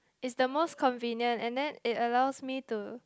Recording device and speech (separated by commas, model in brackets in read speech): close-talking microphone, conversation in the same room